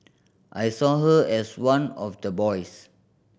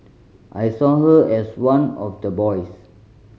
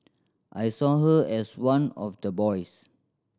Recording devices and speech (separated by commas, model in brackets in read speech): boundary microphone (BM630), mobile phone (Samsung C5010), standing microphone (AKG C214), read sentence